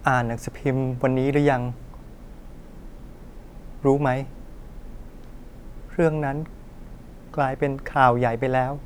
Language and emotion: Thai, sad